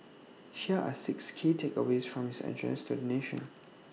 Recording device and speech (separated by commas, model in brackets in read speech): mobile phone (iPhone 6), read sentence